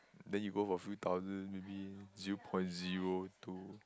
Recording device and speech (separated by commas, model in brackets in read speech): close-talking microphone, conversation in the same room